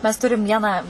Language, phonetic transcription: Lithuanian, mes ˈturim ˈvieną

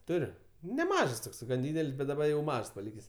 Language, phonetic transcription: Lithuanian, ˈturiu neˈmažs ˈtoks gan ˈdydel's' bet daˈba jau ˈmažs paˈlykės'

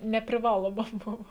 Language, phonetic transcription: Lithuanian, nepriˈvaloma ˈbuvo

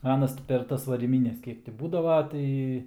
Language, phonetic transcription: Lithuanian, ˈanas ti per ˈtas varyˈmynes ˈkiek ti ˈbūdava ˈtai

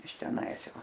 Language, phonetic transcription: Lithuanian, iš teˈnais ˈjau

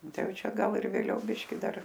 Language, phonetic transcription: Lithuanian, ˈtai ˈjau ˈčia ˈgal ir vėˈliau ˈbiški ˈdar

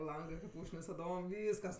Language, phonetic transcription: Lithuanian, ˈlangɜ kaip ˈūžknis taˈdom ˈvyskas

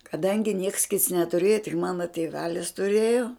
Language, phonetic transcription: Lithuanian, kaˈdangi nieks kits netuˈrėjo tik ˈmano tėˈvelis tuˈrėjo

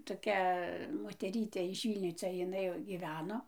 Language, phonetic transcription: Lithuanian, toˈkia moteˈrytė iš ˈvylnio ˈcia jiˈnai jau gyˈveno

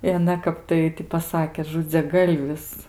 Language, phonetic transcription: Lithuanian, i aˈna ˈkap tai ti paˈsakė žudziaˈgalvis

